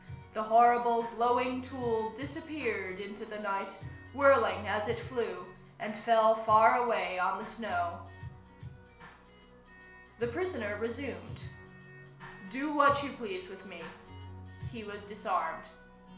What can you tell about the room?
A small room (about 3.7 m by 2.7 m).